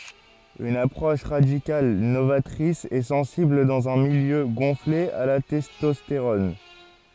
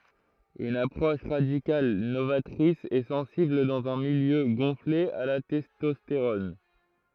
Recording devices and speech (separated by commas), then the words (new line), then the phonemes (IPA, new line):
forehead accelerometer, throat microphone, read sentence
Une approche radicale, novatrice et sensible dans un milieu gonflé à la testostérone.
yn apʁɔʃ ʁadikal novatʁis e sɑ̃sibl dɑ̃z œ̃ miljø ɡɔ̃fle a la tɛstɔsteʁɔn